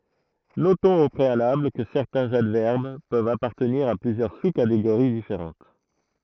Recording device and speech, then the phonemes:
throat microphone, read sentence
notɔ̃z o pʁealabl kə sɛʁtɛ̃z advɛʁb pøvt apaʁtəniʁ a plyzjœʁ su kateɡoʁi difeʁɑ̃t

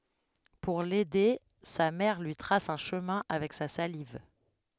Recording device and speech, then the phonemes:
headset microphone, read sentence
puʁ lɛde sa mɛʁ lyi tʁas œ̃ ʃəmɛ̃ avɛk sa saliv

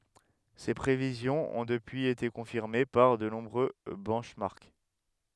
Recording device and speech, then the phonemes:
headset microphone, read sentence
se pʁevizjɔ̃z ɔ̃ dəpyiz ete kɔ̃fiʁme paʁ də nɔ̃bʁø bɛnʃmɑʁk

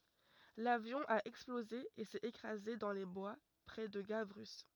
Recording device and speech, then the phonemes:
rigid in-ear microphone, read sentence
lavjɔ̃ a ɛksploze e sɛt ekʁaze dɑ̃ le bwa pʁɛ də ɡavʁy

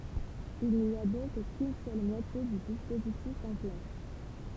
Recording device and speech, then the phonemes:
temple vibration pickup, read sentence
il ni a dɔ̃k kyn sœl mwatje dy dispozitif ɑ̃ plas

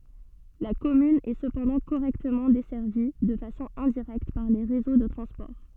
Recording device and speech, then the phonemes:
soft in-ear microphone, read sentence
la kɔmyn ɛ səpɑ̃dɑ̃ koʁɛktəmɑ̃ dɛsɛʁvi də fasɔ̃ ɛ̃diʁɛkt paʁ le ʁezo də tʁɑ̃spɔʁ

